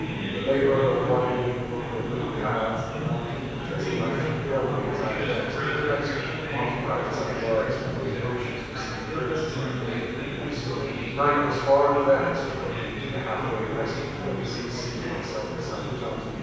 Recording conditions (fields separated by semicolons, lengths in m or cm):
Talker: one person; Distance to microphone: 7.1 m; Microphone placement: far; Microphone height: 1.7 m; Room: very reverberant, large; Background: babble